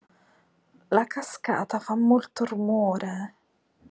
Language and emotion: Italian, disgusted